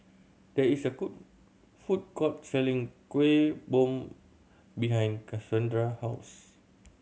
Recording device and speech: mobile phone (Samsung C7100), read sentence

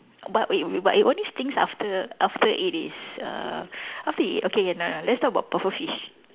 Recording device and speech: telephone, conversation in separate rooms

